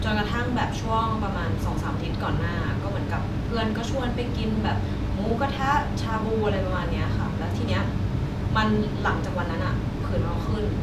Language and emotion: Thai, frustrated